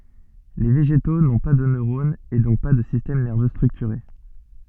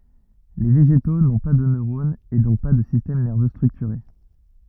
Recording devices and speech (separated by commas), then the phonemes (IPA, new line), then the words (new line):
soft in-ear microphone, rigid in-ear microphone, read sentence
le veʒeto nɔ̃ pa də nøʁonz e dɔ̃k pa də sistɛm nɛʁvø stʁyktyʁe
Les végétaux n’ont pas de neurones et donc pas de système nerveux structuré.